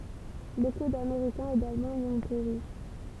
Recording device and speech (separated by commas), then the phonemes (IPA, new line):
temple vibration pickup, read sentence
boku dameʁikɛ̃z e dalmɑ̃z i ɔ̃ peʁi